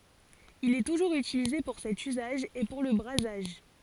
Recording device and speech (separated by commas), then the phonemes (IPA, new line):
forehead accelerometer, read sentence
il ɛ tuʒuʁz ytilize puʁ sɛt yzaʒ e puʁ lə bʁazaʒ